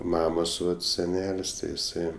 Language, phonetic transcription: Lithuanian, ˈmamos ˈvat seˈnel's' ˈti iˈsai

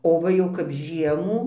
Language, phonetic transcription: Lithuanian, o ˈva jau kap ˈžiemų

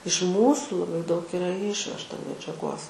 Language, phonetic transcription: Lithuanian, iš ˈmūsų laˈbai daug ˈira ˈišvežta medžiaˈgos

